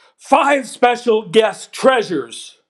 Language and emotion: English, neutral